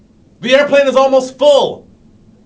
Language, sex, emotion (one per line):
English
male
angry